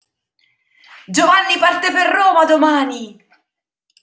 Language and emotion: Italian, happy